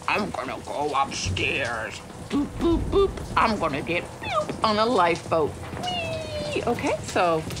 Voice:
In Gruff Voice